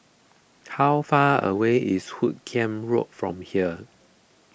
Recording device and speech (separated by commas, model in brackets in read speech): boundary microphone (BM630), read sentence